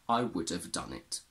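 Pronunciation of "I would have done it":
In 'I would have done it', the h of 'have' is dropped completely, and 'have' sounds like 'of'.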